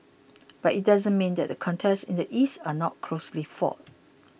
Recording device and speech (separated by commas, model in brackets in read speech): boundary microphone (BM630), read sentence